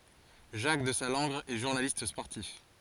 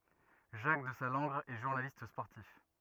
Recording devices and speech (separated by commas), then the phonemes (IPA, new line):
forehead accelerometer, rigid in-ear microphone, read sentence
ʒak dəzalɑ̃ɡʁ ɛ ʒuʁnalist spɔʁtif